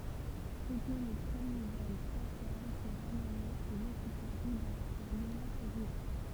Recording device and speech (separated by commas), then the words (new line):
temple vibration pickup, read sentence
C'était le premier vol spatial qui ramenait ses occupants vivants pour l'union soviétique.